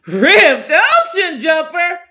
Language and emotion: English, surprised